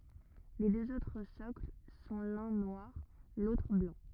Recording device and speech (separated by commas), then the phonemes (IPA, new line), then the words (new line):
rigid in-ear microphone, read sentence
le døz otʁ sɔkl sɔ̃ lœ̃ nwaʁ lotʁ blɑ̃
Les deux autres socles sont l'un noir, l'autre blanc.